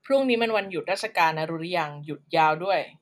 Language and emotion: Thai, frustrated